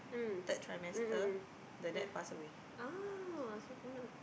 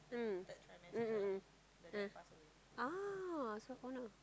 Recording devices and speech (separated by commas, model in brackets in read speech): boundary microphone, close-talking microphone, conversation in the same room